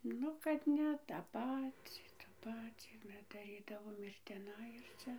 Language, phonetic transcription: Lithuanian, ˈnu kad ˈne tą ˈpacį ta ˈpacį daˈrydavom ir tiˈnai ir ˈcia

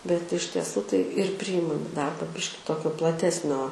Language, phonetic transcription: Lithuanian, bet iš tieˈsų tai ir ˈpryjimam i ˈdarba ˈbiški ˈtokio plaˈtesnio

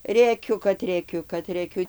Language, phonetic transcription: Lithuanian, rėˈkiu kad rėˈkiu kad rėˈkiu

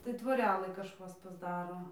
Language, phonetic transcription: Lithuanian, tai tvoˈrelɨ kažˈkas pasˈdaro

